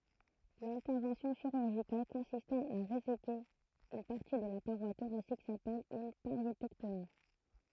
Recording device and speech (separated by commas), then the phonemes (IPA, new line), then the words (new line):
throat microphone, read sentence
lɛ̃tɛʁvɑ̃sjɔ̃ ʃiʁyʁʒikal kɔ̃sistɑ̃ a ʁezeke yn paʁti də la paʁwa toʁasik sapɛl yn paʁjetɛktomi
L'intervention chirurgicale consistant à réséquer une partie de la paroi thoracique s'appelle une pariétectomie.